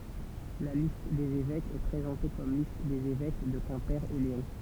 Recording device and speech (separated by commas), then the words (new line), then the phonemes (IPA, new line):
temple vibration pickup, read sentence
La liste des évêques est présentée comme liste des évêques de Quimper et Léon.
la list dez evɛkz ɛ pʁezɑ̃te kɔm list dez evɛk də kɛ̃pe e leɔ̃